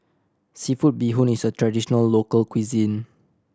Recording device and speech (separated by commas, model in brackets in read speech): standing microphone (AKG C214), read sentence